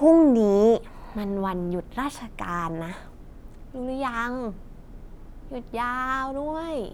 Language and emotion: Thai, happy